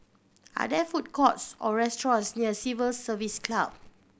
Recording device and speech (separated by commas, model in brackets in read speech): boundary microphone (BM630), read sentence